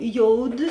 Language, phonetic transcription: Lithuanian, ˈjouˌdi

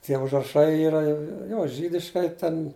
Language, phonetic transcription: Lithuanian, tie užraˈšai ˈyra ˈjo ˈžydiškai ten

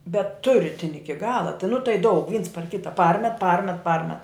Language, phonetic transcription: Lithuanian, bet tu ˈritini ˈiki ˈgala tai nu tai daug vyns par ˈkita ˈparmet ˈparmet ˈparmet

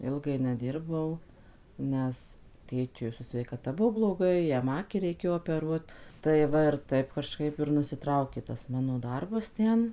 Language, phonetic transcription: Lithuanian, ˈilgai neˈdirbau ˈnes ˈtėčiui su sveikaˈta ˈbuo bloˈgai ˈjam ˈakį reiˈkėjo opeˈruot tai ˈva ir ˈtaip kaˈžkaip ir nusiˈtraukė tas ˈmano ˈdarbas ˈten

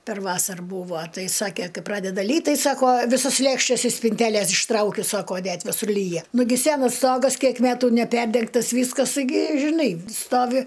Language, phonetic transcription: Lithuanian, per ˈvasar ˈbūvo ˈtai ˈsakė ˈkai ˈpradeda ˈlyt ˈtai ˈsako ˈvisos ˈlėkštes iš spinˈtelės išˈtraukiu ˈsako ˈnet viˈsur ˈlyja ˈnugi ˈsenas ˈstogas ˈkiek ˈmetu neˈperdengtas ˈvyskas gi žiˈnai ˈstovi

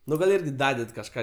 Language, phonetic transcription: Lithuanian, ˈnu gal ˈirgi ˈdaded kažˈką

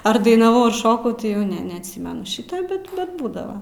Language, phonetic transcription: Lithuanian, ar dainaˈvau ar ˈšokau ti jau ˈne neatˈsymenu ˈšyta ˈbet bet ˈbūdava

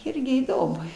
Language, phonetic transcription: Lithuanian, ˈirgi įˈdomu

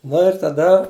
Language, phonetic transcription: Lithuanian, ˈnu ir taˈda

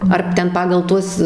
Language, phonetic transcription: Lithuanian, ar ˈten ˈpagal ˈtuos

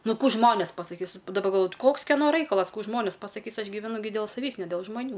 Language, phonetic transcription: Lithuanian, ˈnu ˈkų ˈžmonės pasaˈkys daˈba galˈvoju ˈkoks keˈno ˈraikalas ˈkų ˈžmonės pasaˈkys ˈaš gyveˈnu dėl saˈvįs ne del žmaˈnių

